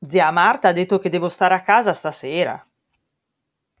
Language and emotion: Italian, surprised